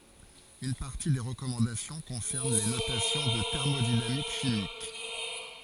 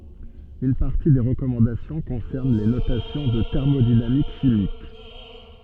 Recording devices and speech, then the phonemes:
forehead accelerometer, soft in-ear microphone, read sentence
yn paʁti de ʁəkɔmɑ̃dasjɔ̃ kɔ̃sɛʁn le notasjɔ̃z ɑ̃ tɛʁmodinamik ʃimik

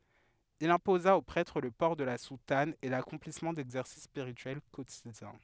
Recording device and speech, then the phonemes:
headset microphone, read sentence
il ɛ̃poza o pʁɛtʁ lə pɔʁ də la sutan e lakɔ̃plismɑ̃ dɛɡzɛʁsis spiʁityɛl kotidjɛ̃

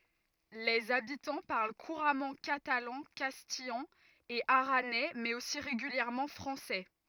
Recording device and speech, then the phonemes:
rigid in-ear microphone, read sentence
lez abitɑ̃ paʁl kuʁamɑ̃ katalɑ̃ kastijɑ̃ e aʁanɛ mɛz osi ʁeɡyljɛʁmɑ̃ fʁɑ̃sɛ

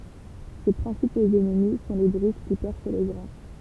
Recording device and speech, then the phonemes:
temple vibration pickup, read sentence
se pʁɛ̃sipoz ɛnmi sɔ̃ le bʁyʃ ki pɛʁs le ɡʁɛ̃

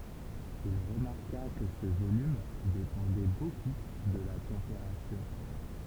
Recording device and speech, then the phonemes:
temple vibration pickup, read sentence
il ʁəmaʁka kə sə volym depɑ̃dɛ boku də la tɑ̃peʁatyʁ

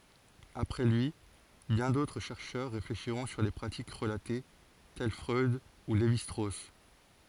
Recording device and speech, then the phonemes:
forehead accelerometer, read sentence
apʁɛ lyi bjɛ̃ dotʁ ʃɛʁʃœʁ ʁefleʃiʁɔ̃ syʁ le pʁatik ʁəlate tɛl fʁœd u levi stʁos

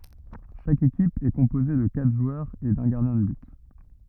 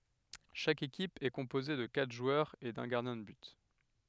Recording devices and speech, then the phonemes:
rigid in-ear microphone, headset microphone, read sentence
ʃak ekip ɛ kɔ̃poze də katʁ ʒwœʁz e dœ̃ ɡaʁdjɛ̃ də byt

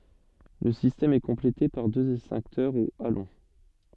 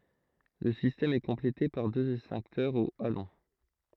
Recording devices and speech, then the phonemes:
soft in-ear microphone, throat microphone, read sentence
lə sistɛm ɛ kɔ̃plete paʁ døz ɛkstɛ̃ktœʁz o alɔ̃

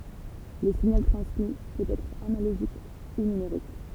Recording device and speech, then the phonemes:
temple vibration pickup, read sentence
lə siɲal tʁɑ̃smi pøt ɛtʁ analoʒik u nymeʁik

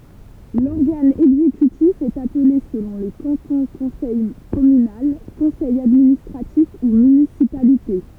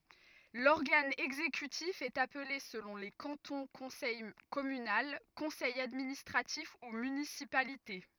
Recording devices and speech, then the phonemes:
temple vibration pickup, rigid in-ear microphone, read sentence
lɔʁɡan ɛɡzekytif ɛt aple səlɔ̃ le kɑ̃tɔ̃ kɔ̃sɛj kɔmynal kɔ̃sɛj administʁatif u mynisipalite

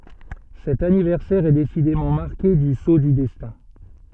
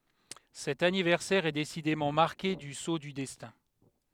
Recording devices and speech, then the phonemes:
soft in-ear microphone, headset microphone, read sentence
sɛt anivɛʁsɛʁ ɛ desidemɑ̃ maʁke dy so dy dɛstɛ̃

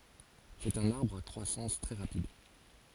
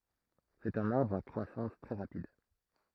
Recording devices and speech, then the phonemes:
forehead accelerometer, throat microphone, read sentence
sɛt œ̃n aʁbʁ a kʁwasɑ̃s tʁɛ ʁapid

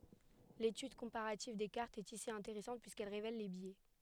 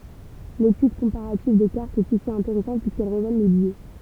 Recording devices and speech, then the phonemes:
headset microphone, temple vibration pickup, read sentence
letyd kɔ̃paʁativ de kaʁtz ɛt isi ɛ̃teʁɛsɑ̃t pyiskɛl ʁevɛl le bjɛ

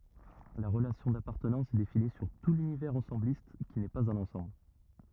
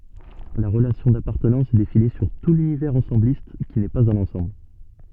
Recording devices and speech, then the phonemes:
rigid in-ear microphone, soft in-ear microphone, read sentence
la ʁəlasjɔ̃ dapaʁtənɑ̃s ɛ defini syʁ tu lynivɛʁz ɑ̃sɑ̃blist ki nɛ paz œ̃n ɑ̃sɑ̃bl

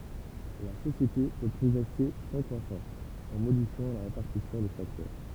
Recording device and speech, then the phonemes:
temple vibration pickup, read sentence
la sosjete pø pʁɔɡʁɛse sɑ̃ kʁwasɑ̃s ɑ̃ modifjɑ̃ la ʁepaʁtisjɔ̃ de faktœʁ

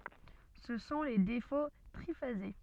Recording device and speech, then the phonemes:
soft in-ear microphone, read sentence
sə sɔ̃ le defo tʁifaze

